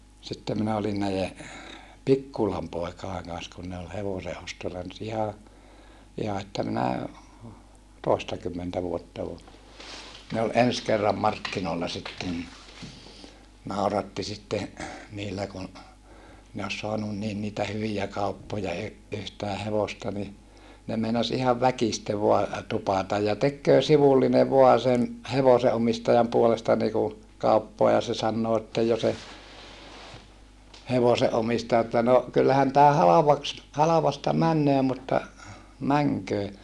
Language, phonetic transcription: Finnish, sitte minä olin näije , Pikkulam poekaeŋ kan̬s kun ne ol hevoseʼostolla nyt iha , iha että minä , tòestakymmentä vuotta o , ne ol ens kerram markkinoolla sitten ni , nàuratti sitte , niillä kun , ne os soanun niin niitä hyvijä kauppoja y- , yhtää hevosta ni , ne meinas ihav väkiste voa , tupàtaj ja tekköö sivulline voa sen , hevoseʼomistajam puolesta niku , kauppoa ja se sannoo että jo se , hevose ʼomistaja että » no , kyllähän tää halavaks , halavasta männöö mutta , mäŋköö » .
- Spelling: sitten minä olin näiden Pikkulan poikien kanssa kun ne oli hevosenostolla nyt ihan ihan että minä toistakymmentä vuotta on ne oli ensi kerran markkinoilla sitten niin nauratti sitten niillä kun ne olisi saanut niin niitä hyviä kauppoja - yhtään hevosta niin ne meinasi ihan väkisin vain tupata ja tekee sivullinen vain sen hevosenomistajan puolesta niin kuin kauppaa ja se sanoo että jo se hevosen omistaja että no kyllähän tämä halvaksi halvasta menee mutta menköön

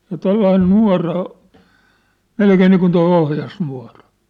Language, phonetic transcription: Finnish, ja 'tollain 'nua̭ra o- , "melkee niikun toi 'ohjasnua̭ra .
- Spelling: ja tuollainen nuora - melkein niin kuin tuo ohjasnuora

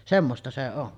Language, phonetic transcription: Finnish, 'semmosta se 'on .
- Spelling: semmoista se on

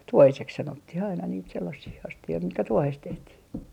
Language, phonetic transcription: Finnish, "tuohisek 'sanottih ‿aina niit 'sellasii 'asti₍oi mitkä 'tuohes 'tehtii .
- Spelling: tuohiseksi sanottiin aina niitä sellaisia astioita mitkä tuohesta tehtiin

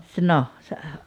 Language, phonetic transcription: Finnish, sᵉ no , se ,.
- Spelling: se no se

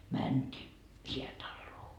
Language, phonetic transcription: Finnish, 'mänt́ii , "hiätalloo .
- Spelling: mentiin häätaloon

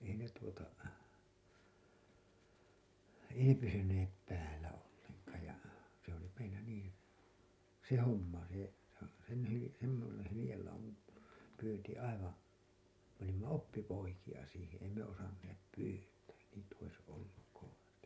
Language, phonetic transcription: Finnish, ei ne tuota , ei ne "pysynep 'päällä olleŋkaaj ja , se ‿oli meillä niin̬ , "se 'homma se , sen hyli- , semmosen hylĭjellaumam , pyynti aivaa̰ , me olimma "oppipoikija siiheḛ ei me 'osanneep 'pyytää , niit ‿ois olluk kovasti .
- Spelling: ei ne tuota ei ne pysyneet päällä ollenkaan ja se oli meillä niin se homma se sen - semmoisen hyljelauman pyynti aivan me olimme oppipoikia siihen ei me osanneet pyytää niitä olisi ollut kovasti

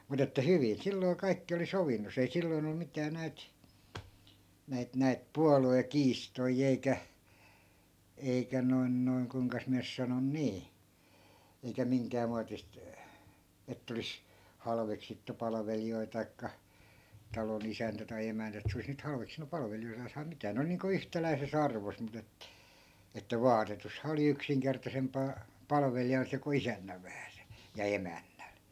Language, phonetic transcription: Finnish, 'mut ‿että 'hyvin 'silloi̮ 'kaikki oli 'sovinnos , ei 'silloi̮n ‿o 'mitää 'näit , 'näit 'näit "pualu₍e'kiistoi eikä , 'eikä 'noi̮n 'noi̮n 'kuⁱŋkas miä nys 'sanon "nii , eikä 'miŋkää muatist , 'ett ‿olis , 'halveksittu 'palᵃveli₍oi tai̮kka , 'talo'n ‿isäntä tai 'emäntä et se 'olis nyt 'halveksinu 'palvelijoitaas tai 'mitää 'ne ol niiŋku "yhtäläi̮se's ‿arvos mut ‿et- , että "vaatetusha oli 'yksiŋkertasemp̀aa , 'palveli(jal) se ku 'isännäv vähäse , ja 'emännäl .
- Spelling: mutta että hyvin silloin kaikki oli sovinnossa ei silloin ollut mitään näitä näitä näitä puoluekiistoja eikä eikä noin noin kuinkas minä nyt sanon niin eikä minkään muotista että olisi halveksittu palvelijoita tai talon isäntä tai emäntä että se olisi nyt halveksinut palvelijoitaan tai mitään ne oli niin kuin yhtäläisessä arvossa mutta - että vaatetushan oli yksinkertaisempaa palvelijalla se kuin isännällä vähäisen ja emännällä

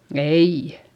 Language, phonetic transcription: Finnish, eii .
- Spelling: ei

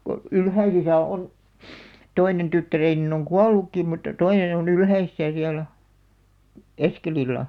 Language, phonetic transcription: Finnish, ko , 'Ylhäisisä 'on , "toinen 'tyttäreenin ‿oŋ "kual̆lukkìm̆ mutta "toinen ‿o'n ‿Ylhäisisä siäla̳§ , "Eskelilla .
- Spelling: kun Ylhäisissä on toinen tyttäreni on kuollutkin mutta toinen on Ylhäisissä siellä Eskelillä

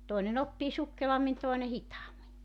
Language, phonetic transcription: Finnish, 'toine'n ‿oppii 'sukkelammin 'tòene 'hitaammi .
- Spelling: toinen oppii sukkelammin toinen hitaammin

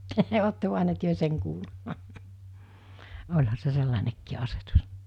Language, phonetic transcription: Finnish, 'otte(- -) työ 'seŋ kuullu[t] , oĺha se 'sellanekkii 'asetus .
- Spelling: olette te sen kuullut olihan se sellainenkin asetus

